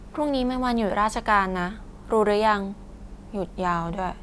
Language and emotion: Thai, neutral